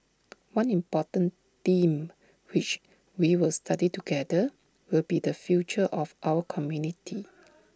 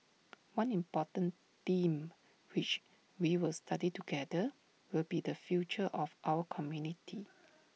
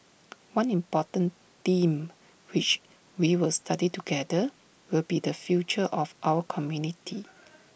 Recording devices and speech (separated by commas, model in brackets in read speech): standing microphone (AKG C214), mobile phone (iPhone 6), boundary microphone (BM630), read sentence